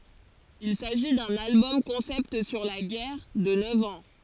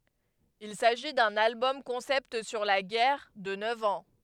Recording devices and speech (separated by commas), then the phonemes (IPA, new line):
forehead accelerometer, headset microphone, read sentence
il saʒi dœ̃n albɔm kɔ̃sɛpt syʁ la ɡɛʁ də nœv ɑ̃